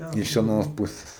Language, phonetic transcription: Lithuanian, iš aˈnos ˈpuses

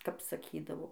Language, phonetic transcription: Lithuanian, kap saˈkydavo

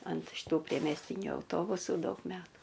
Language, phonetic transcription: Lithuanian, ant šiˈtų priemesˈtyniu auˈtobusų ˈdaug ˈmetų

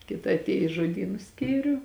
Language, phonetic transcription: Lithuanian, ˈkita atˈėju i žoˈdynu ˈskyriu

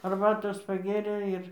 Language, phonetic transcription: Lithuanian, arˈbatos paˈgėrė ˈir

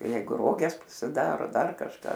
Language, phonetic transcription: Lithuanian, ˈjeigu ˈroges pasiˈdaro ˈdar kažˈką

